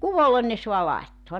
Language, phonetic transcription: Finnish, "kuvolen ne so̭a 'lai̬ttoa .
- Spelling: kuvolle ne saa laittaa

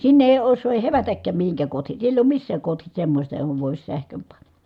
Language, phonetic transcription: Finnish, sinne èi ossoo ʼèi hevätäkkääm mihiŋkääk kohti , siell ‿èi oom missääk kohtis semmośta johov vòis sähköm pan(na) .
- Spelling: sinne ei osaa ei hevätäkään mihinkään kohti siellä ei ole missään kohti semmoista johon voisi sähkön panna

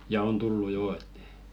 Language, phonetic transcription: Finnish, ja 'on "tullu 'joo et .
- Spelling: ja on tullut jo että

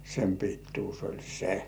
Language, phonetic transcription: Finnish, sem 'pittuus ol "se .
- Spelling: sen pituus oli se

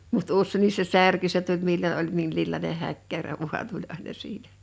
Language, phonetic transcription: Finnish, mut "ussènnis se "särky se tuĺ 'millo ’oĺ 'minl̳illàine 'häkkärä vu̬an 'tuĺ àena 'siitᴀ̈ .
- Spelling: mutta useinkin se särkyi se tuli milloin oli minkinlainen häkkärä vain tuli aina siitä

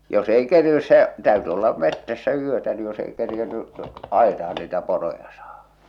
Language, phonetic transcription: Finnish, jos ‿ei 'kerinnys se , täyty olla 'mettässä 'yötä ni jos ei kerjenny , 'àitah̬an niitä 'poroja sᴀᴀhᴀ .
- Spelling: jos ei kerinnyt se täytyi olla metsässä yötä niin jos ei kerinnyt aitaan niitä poroja saada

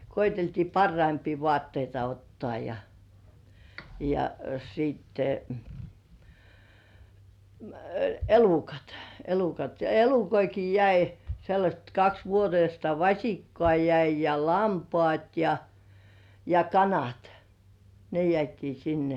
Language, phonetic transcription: Finnish, koiteltii "parraimpii voàtteita 'ottŏà ja , ja sitte , m̥ , "elukat , 'elukat ja "elukoiki jäi , sellaśt kaks vuoteista "vaśikkŏà 'jäi ja lampŏàt ja , ja "kanat , ne 'jĕä̀tii "sinne .
- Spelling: koeteltiin parhaimpia vaatteita ottaa ja ja sitten - elukat elukat ja elukoitakin jäi sellaiset kaksi vuotista vasikkaa jäi ja lampaat ja ja kanat ne jäätiin sinne

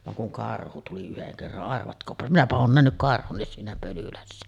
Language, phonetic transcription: Finnish, vaŋ kuŋ "karhu 'tuli yheŋ kerran , arvatkoopa 'minäpä oon 'nähnyk "karhunnis siinä Pölylässä .
- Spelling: vaan kun karhu tuli yhden kerran arvatkaapa minäpä olen nähnyt siinä Pölylässä

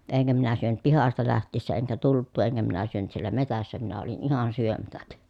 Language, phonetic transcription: Finnish, eŋkä minä syönyt pihasta läht̆tiissä eŋkä tult̀uu eŋkä minä syönyt siel̀ä metässä minä olin ihan syömätäk .
- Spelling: enkä minä syönyt pihasta lähtiessä enkä tultua enkä minä syönyt siellä metsässä minä olin ihan syömättä

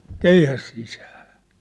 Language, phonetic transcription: Finnish, keihäs sisää !
- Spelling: keihäs sisään

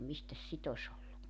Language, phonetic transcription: Finnish, 'mistäs "sit ‿os ‿ollu .
- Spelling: mistäs sitä olisi ollut

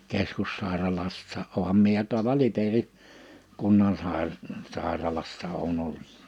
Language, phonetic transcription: Finnish, 'keskussàeralassaa’ '’ooham mie ja tuala 'Liperi , 'kunnansàir- , 'sàe̬ralassa oon 'olt .
- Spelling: keskussairaalassa olenhan minä ja tuolla Liperin - kunnansairaalassa olen ollut

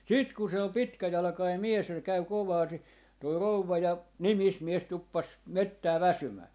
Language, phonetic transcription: Finnish, 'sit ku 'se ol "pitkäjalᵃkai 'mies ja se 'käy 'kovaa (ni) , toi 'rouvva ja , "nimismies 'tuppas , 'mettää "väsymää .
- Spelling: sitten kun se oli pitkäjalkainen mies ja se kävi kovaa - tuo rouva ja nimismies tuppasi metsään väsymään

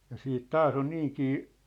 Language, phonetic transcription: Finnish, ja 'siit "taas ‿on 'niiŋkii ,.
- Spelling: ja sitten taas on niinkin

